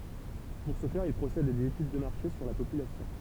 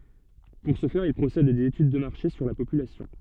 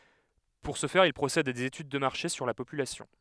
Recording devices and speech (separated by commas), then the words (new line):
temple vibration pickup, soft in-ear microphone, headset microphone, read sentence
Pour ce faire, ils procèdent à des études de marché sur la population.